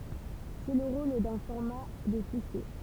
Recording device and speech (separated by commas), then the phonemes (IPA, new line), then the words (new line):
temple vibration pickup, read sentence
sɛ lə ʁol dœ̃ fɔʁma də fiʃje
C'est le rôle d'un format de fichier.